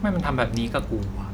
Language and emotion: Thai, frustrated